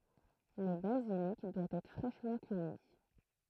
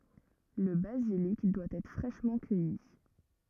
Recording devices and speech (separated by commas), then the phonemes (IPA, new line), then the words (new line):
throat microphone, rigid in-ear microphone, read sentence
lə bazilik dwa ɛtʁ fʁɛʃmɑ̃ kœji
Le basilic doit être fraîchement cueilli.